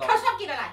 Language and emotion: Thai, angry